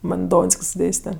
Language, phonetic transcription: Lithuanian, ˈman ˈdonsk's' ˈdėste

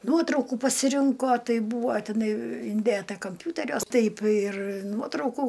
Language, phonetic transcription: Lithuanian, ˈnuotraukų pasiˈrinko ˈtai ˈbūvo tiˈnai inˈdėta kamˈpiūteriuos ˈtaip ir ˈnuotraukų

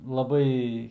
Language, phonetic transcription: Lithuanian, laˈbai

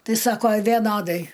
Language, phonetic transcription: Lithuanian, ˈtai ˈsako veˈnodai

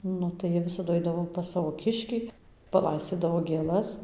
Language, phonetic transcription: Lithuanian, ˈnu tai ˈjie ˈvisadu ˈaidavo pas ˈsavo ˈkiškį paˈlaiscydavo gėˈlas

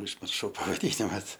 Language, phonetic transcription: Lithuanian, užmirˈšau pavaˈdynimas

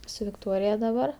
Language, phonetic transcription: Lithuanian, su vikˈtorija daˈbar

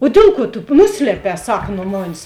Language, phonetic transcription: Lithuanian, o ˈdėl ˌkuo tu ˈnusliepē ˈsaka nu ˈmanis

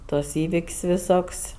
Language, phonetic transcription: Lithuanian, ˈtuos ˈįvik's' viˈsok's'

